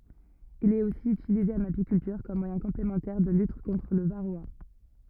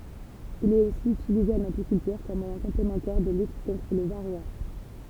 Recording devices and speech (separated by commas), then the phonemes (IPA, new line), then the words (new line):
rigid in-ear microphone, temple vibration pickup, read sentence
il ɛt osi ytilize ɑ̃n apikyltyʁ kɔm mwajɛ̃ kɔ̃plemɑ̃tɛʁ də lyt kɔ̃tʁ lə vaʁoa
Il est aussi utilisé en apiculture comme moyen complémentaire de lutte contre le varroa.